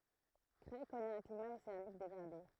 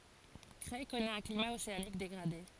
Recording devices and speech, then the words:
throat microphone, forehead accelerometer, read sentence
Creil connaît un climat océanique dégradé.

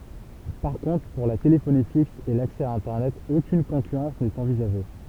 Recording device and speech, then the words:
temple vibration pickup, read sentence
Par contre pour la téléphonie fixe et l'accès à internet aucune concurrence n'est envisagée.

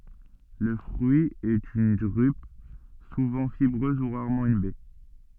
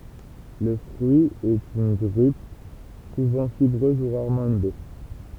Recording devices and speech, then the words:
soft in-ear microphone, temple vibration pickup, read sentence
Le fruit est une drupe, souvent fibreuse ou rarement une baie.

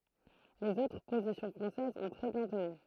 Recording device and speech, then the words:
throat microphone, read sentence
Les autres positions françaises ont très bien tenu.

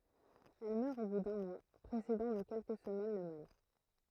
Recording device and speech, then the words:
throat microphone, read sentence
Elle meurt au bout d’un mois, précédant de quelques semaines le mâle.

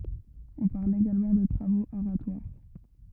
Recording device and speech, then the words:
rigid in-ear microphone, read sentence
On parle également de travaux aratoires.

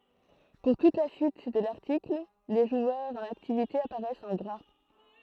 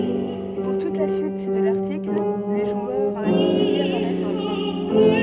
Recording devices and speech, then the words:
throat microphone, soft in-ear microphone, read sentence
Pour toute la suite de l'article les joueurs en activité apparaissent en gras.

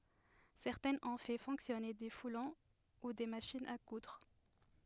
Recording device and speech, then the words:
headset microphone, read sentence
Certains ont fait fonctionner des foulons ou des machines à coudre.

